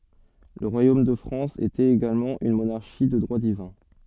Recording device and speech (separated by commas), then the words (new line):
soft in-ear microphone, read sentence
Le royaume de France était également une monarchie de droit divin.